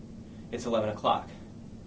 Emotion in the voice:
neutral